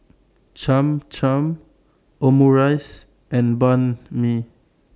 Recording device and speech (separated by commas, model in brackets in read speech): standing microphone (AKG C214), read sentence